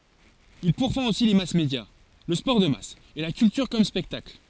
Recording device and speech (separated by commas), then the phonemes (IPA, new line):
forehead accelerometer, read sentence
il puʁfɑ̃t osi le masmedja lə spɔʁ də mas e la kyltyʁ kɔm spɛktakl